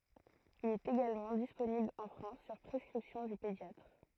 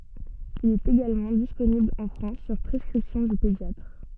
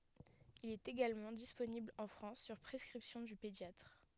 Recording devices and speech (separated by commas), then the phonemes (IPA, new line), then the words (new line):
throat microphone, soft in-ear microphone, headset microphone, read sentence
il ɛt eɡalmɑ̃ disponibl ɑ̃ fʁɑ̃s syʁ pʁɛskʁipsjɔ̃ dy pedjatʁ
Il est également disponible en France sur prescription du pédiatre.